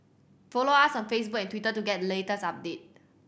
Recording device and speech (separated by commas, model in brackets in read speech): boundary microphone (BM630), read sentence